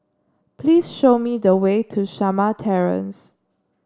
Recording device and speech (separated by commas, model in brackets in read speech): standing microphone (AKG C214), read sentence